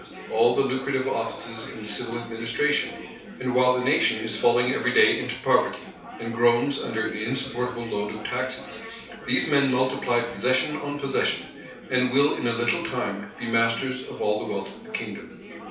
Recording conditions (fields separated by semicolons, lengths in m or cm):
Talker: one person; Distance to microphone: 3.0 m; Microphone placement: far; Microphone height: 1.8 m; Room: small (3.7 m by 2.7 m); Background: babble